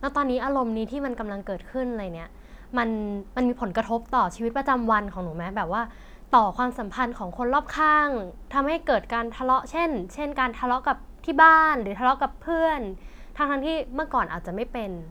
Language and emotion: Thai, neutral